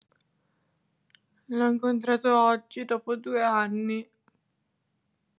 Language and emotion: Italian, sad